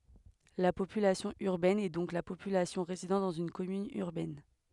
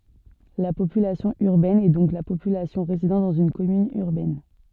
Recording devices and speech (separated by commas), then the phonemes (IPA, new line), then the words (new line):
headset microphone, soft in-ear microphone, read sentence
la popylasjɔ̃ yʁbɛn ɛ dɔ̃k la popylasjɔ̃ ʁezidɑ̃ dɑ̃z yn kɔmyn yʁbɛn
La population urbaine est donc la population résidant dans une commune urbaine.